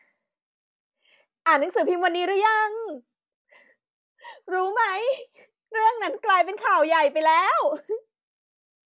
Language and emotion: Thai, happy